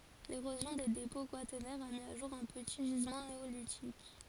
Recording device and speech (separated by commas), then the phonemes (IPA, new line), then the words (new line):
forehead accelerometer, read sentence
leʁozjɔ̃ de depɔ̃ kwatɛʁnɛʁz a mi o ʒuʁ œ̃ pəti ʒizmɑ̃ neolitik
L'érosion des dépôts quaternaires a mis au jour un petit gisement néolithique.